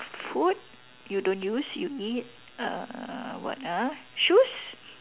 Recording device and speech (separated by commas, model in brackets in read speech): telephone, conversation in separate rooms